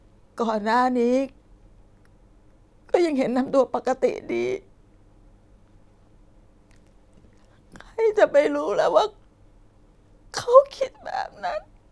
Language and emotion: Thai, sad